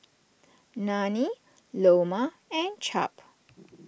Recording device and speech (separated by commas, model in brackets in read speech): boundary microphone (BM630), read sentence